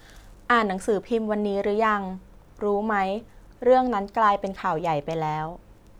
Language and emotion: Thai, neutral